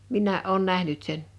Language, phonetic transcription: Finnish, 'min̆nää’ ’òun 'nähnyt 'sen .
- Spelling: minäkin olen nähnyt sen

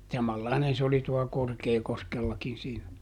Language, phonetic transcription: Finnish, ˈsamallainen se oli tu₍a ˈKorkeekoskellakin siinä .
- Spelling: samanlainen se oli tuolla Korkeakoskellakin siinä

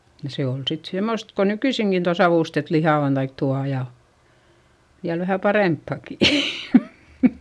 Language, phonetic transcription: Finnish, ja se ol sit semost ko nykyisiŋkin tua savùstet lihà on taik tua ja , ja vähä paremppàki .
- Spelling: ja se oli sitten semmoista kuin nykyisinkin tuo savustettu liha on tai tuo ja ja vähän parempaakin

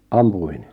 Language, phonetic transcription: Finnish, 'ampu₍in ?
- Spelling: ampui

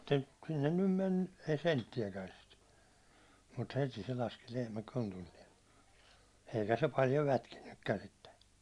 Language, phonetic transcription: Finnish, tᵉ 'sinnen nym mennu , ei 'sentti₍äkän̬ sit , mut 'heti se laski lehmä 'kontulliɛn , eikä se 'paljo 'lätkinnykkän̬ sitte .
- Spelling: tai sinne nyt mennyt ei senttiäkään sitten mutta heti se laski lehmä kontilleen eikä se paljon lätkinytkään sitten

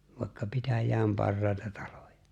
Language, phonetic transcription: Finnish, vàikka 'pitäj̀ääm 'parrài̬ta 'talᴏᴊᴀ .
- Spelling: vaikka pitäjän parhaita taloja

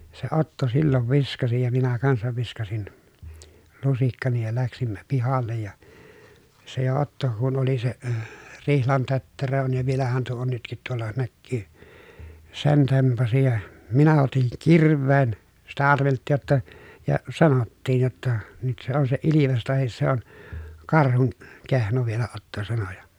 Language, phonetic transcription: Finnish, ja , se Otto sillov viskasi ja minä kansav viskasin , lusikkani ja läksimmä pihal̆lej ja , se jo Otto , kun oli se , rihlan tötterö on ja vielähän tuo on nytkit tuolla näkkyy , sen tempasi ja , minä otiŋ kir̀v̀een , sitä arvelttiij jotta , ja sanottiij jotta , » nyt se ‿on se ilives tahis se ‿on , karhun , kehno » vielä Otto sano ja .
- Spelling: ja se Otto silloin viskasi ja minä kanssa viskasin lusikkani ja lähdimme pihalle ja se jo Otto kun oli se rihlan tötterö on ja vielähän tuo on nytkin tuolla näkyy sen tempaisi ja minä otin kirveen sitä arveltiin jotta ja sanottiin jotta nyt se on se ilves tai se on karhun kehno vielä Otto sanoi ja

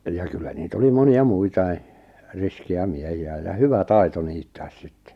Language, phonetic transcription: Finnish, ja 'kyllä 'niit ‿oli 'moni₍a "muitai , 'riski₍ä 'miehi₍ä ja "hyvä "tai̬to 'niittääs 'sɪttᴇ .
- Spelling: ja kyllä niitä oli monia muitakin riskejä miehiä ja hyvä taito niittää sitten

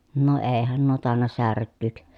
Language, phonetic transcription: Finnish, no eehän nuo tàenna särkkỳk .
- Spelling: no eihän nuo tainnut särkyä

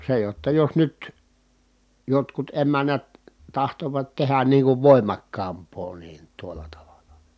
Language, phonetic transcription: Finnish, se jotta jos nyt , jotkut emännät , tahtovat tehän niiŋ kuv vòimakkaamp̀oo niin tuol̀a tavalA .
- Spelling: se jotta jos nyt jotkut emännät tahtovat tehdä niin kuin voimakkaampaa niin tuolla tavalla

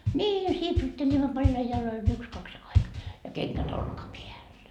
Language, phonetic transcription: Finnish, ńii 'sipsutteĺimmo paljai 'jaloi yks kaks ai , ja 'keŋkät "olkapiäl .
- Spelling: niin sipsuttelimme paljain jaloin yksi kaksi aina ja kengät olkapäällä

